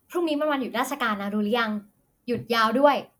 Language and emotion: Thai, happy